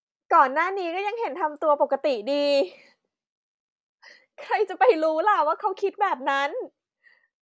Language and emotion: Thai, happy